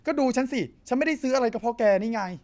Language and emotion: Thai, frustrated